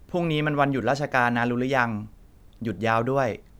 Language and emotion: Thai, neutral